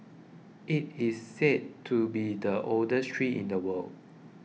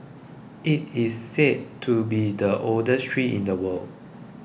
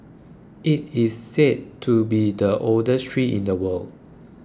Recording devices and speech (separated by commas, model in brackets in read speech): mobile phone (iPhone 6), boundary microphone (BM630), close-talking microphone (WH20), read sentence